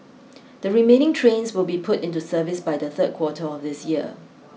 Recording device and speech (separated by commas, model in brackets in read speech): mobile phone (iPhone 6), read sentence